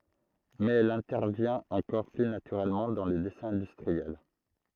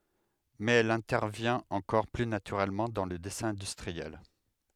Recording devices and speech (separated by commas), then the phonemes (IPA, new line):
throat microphone, headset microphone, read sentence
mɛz ɛl ɛ̃tɛʁvjɛ̃t ɑ̃kɔʁ ply natyʁɛlmɑ̃ dɑ̃ lə dɛsɛ̃ ɛ̃dystʁiɛl